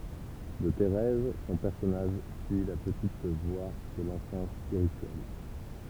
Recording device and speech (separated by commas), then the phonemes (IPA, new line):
temple vibration pickup, read sentence
də teʁɛz sɔ̃ pɛʁsɔnaʒ syi la pətit vwa də lɑ̃fɑ̃s spiʁityɛl